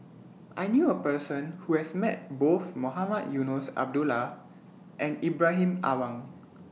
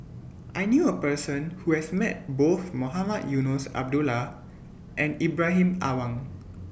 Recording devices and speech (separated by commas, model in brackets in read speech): mobile phone (iPhone 6), boundary microphone (BM630), read sentence